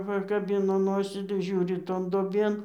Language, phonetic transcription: Lithuanian, pakaˈbino ˈnosį tai ˈžiūri ˈton duoˈbėn

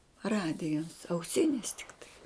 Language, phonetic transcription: Lithuanian, ˈradijas auˈsinis tikˈtai

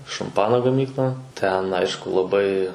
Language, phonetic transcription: Lithuanian, šamˈpano gaˈmykla ˈten ˈaišku laˈbai

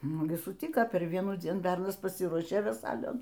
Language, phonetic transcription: Lithuanian, ˈnu gi suˈtika per ˈvienųˌdzien ˈbernas paˈsyruošė veˈsailion

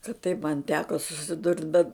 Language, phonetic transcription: Lithuanian, kad taip man ˈteko susiˈdurt bet

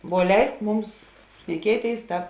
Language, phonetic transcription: Lithuanian, vuo ˈleisk ˈmums šneˈkieˌtėis ˈtāp

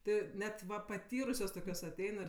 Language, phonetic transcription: Lithuanian, ˈti ˈnet ˈva paˈtyrusios ˈtokios aˈtein ir

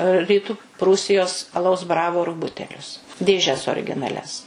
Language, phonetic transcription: Lithuanian, ryˈtu ˈprūsijos aˈlaus ˈbravoru ˈbutelius dėˈžes orginaˈlias

